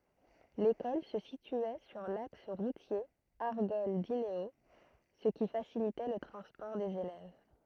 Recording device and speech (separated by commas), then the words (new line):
throat microphone, read sentence
L'école se situait sur l'axe routier Argol-Dinéault, ce qui facilitait le transport des élèves.